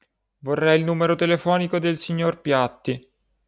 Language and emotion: Italian, sad